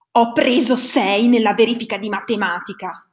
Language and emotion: Italian, angry